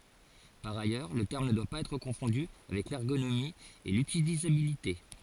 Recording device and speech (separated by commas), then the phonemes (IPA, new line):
forehead accelerometer, read sentence
paʁ ajœʁ lə tɛʁm nə dwa paz ɛtʁ kɔ̃fɔ̃dy avɛk lɛʁɡonomi e lytilizabilite